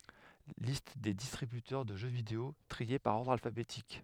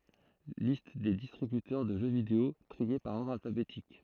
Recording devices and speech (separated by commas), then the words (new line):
headset microphone, throat microphone, read sentence
Liste des distributeurs de jeux vidéo, triés par ordre alphabétique.